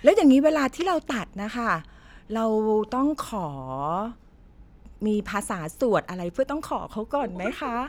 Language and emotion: Thai, happy